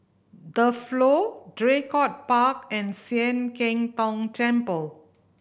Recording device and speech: boundary microphone (BM630), read sentence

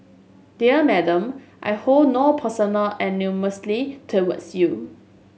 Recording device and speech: mobile phone (Samsung S8), read sentence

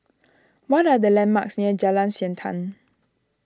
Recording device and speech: standing microphone (AKG C214), read sentence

